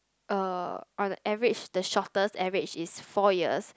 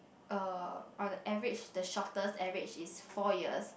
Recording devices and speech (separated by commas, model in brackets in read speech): close-talking microphone, boundary microphone, conversation in the same room